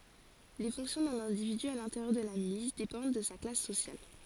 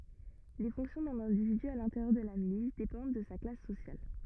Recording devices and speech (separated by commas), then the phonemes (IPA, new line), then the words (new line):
forehead accelerometer, rigid in-ear microphone, read sentence
le fɔ̃ksjɔ̃ dœ̃n ɛ̃dividy a lɛ̃teʁjœʁ də la milis depɑ̃d də sa klas sosjal
Les fonctions d’un individu à l’intérieur de la milice dépendent de sa classe sociale.